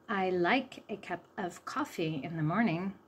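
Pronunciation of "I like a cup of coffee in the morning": The sentence is said slowly, with the schwa sound in 'a cup of coffee'.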